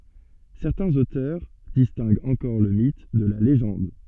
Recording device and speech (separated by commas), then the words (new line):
soft in-ear microphone, read sentence
Certains auteurs distinguent encore le mythe de la légende.